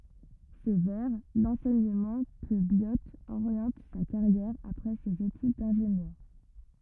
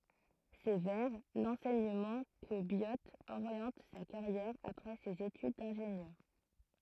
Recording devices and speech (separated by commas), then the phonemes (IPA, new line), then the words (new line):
rigid in-ear microphone, throat microphone, read sentence
sɛ vɛʁ lɑ̃sɛɲəmɑ̃ kə bjo oʁjɑ̃t sa kaʁjɛʁ apʁɛ sez etyd dɛ̃ʒenjœʁ
C'est vers l'enseignement que Biot oriente sa carrière après ses études d'ingénieur.